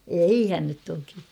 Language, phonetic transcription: Finnish, eihän nyt toki .
- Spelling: eihän nyt toki

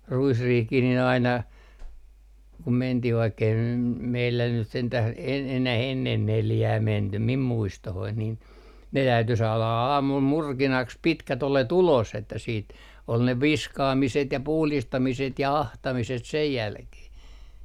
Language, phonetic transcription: Finnish, "ruisriihkih nin ‿aina , kum 'mentih vaikkei nym , 'meillä nyt 'sentäh e - enäh ennen "neljää 'mentym mim 'muistohoin nin , ne täyty 'saala a - aamul 'murkinaks "pitkä't ‿ole"t ‿ulos että siit , ol ne "viskaamiset ja 'puhlistamiset ja "ahtamiset sej 'jälkeh .
- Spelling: ruisriihikin niin aina kun mentiin vaikka ei nyt meillä nyt sentään - enää ennen neljää menty minun muistooni niin ne täytyi saada - aamulla murkinaksi pitkät oljet ulos että sitten oli ne viskaamiset ja puhdistamiset ja ahtamiset sen jälkeen

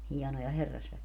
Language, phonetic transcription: Finnish, 'hiɛnoja 'herrasväki(jä) .
- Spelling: hienoja herrasväkiä

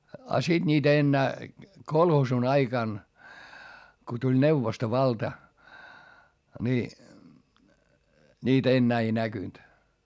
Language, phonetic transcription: Finnish, a siD niitä ennää , kolhoosun ‿aikan , ko tuĺ neuvostovalta , ni , niit ‿ennää ei näkynt .
- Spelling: ja sitten niitä enää kolhoosin aikana kun tuli neuvostovalta niin niitä enää ei näkynyt

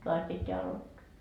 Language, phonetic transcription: Finnish, 'toas pitteä 'alottoa .
- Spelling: taas pitää aloittaa

